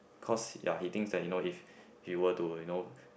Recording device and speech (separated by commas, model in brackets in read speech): boundary microphone, conversation in the same room